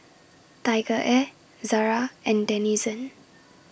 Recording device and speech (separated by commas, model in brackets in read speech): boundary microphone (BM630), read sentence